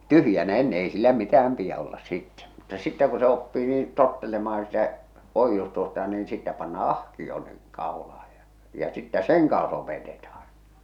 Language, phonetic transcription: Finnish, tyhjänä enne ei sillä 'mitä₍äm piä ollas 'sittɛ , mutta sittä ku oppii niin , 'tottelemah̬an sitä , 'oijjustusta niin sittä pannaa "ah̀kio niŋ , kàolah̬aj ja , ja sittä "seŋ kaaa̰s opetetah̬an .
- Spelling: tyhjänä ennen ei sillä mitään pidä olla sitten mutta sitten kun oppii niin tottelemaan sitä oiustusta niin sitten pannaan ahkio niin kaulaan ja ja sitten sen kanssa opetetaan

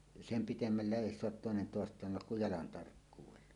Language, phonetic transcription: Finnish, sem "pitemmälle ˀèi soat 'tòenen 'tòest̀aan 'tullak kuj jalan tarkkuuwella .
- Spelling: sen pidemmälle ei saa toinen toistaan tulla kuin jalan tarkkuudella

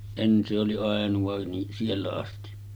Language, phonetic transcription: Finnish, 'en se oli 'àenuva ni , 'siellä asti .
- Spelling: en se oli ainoa niin siellä asti

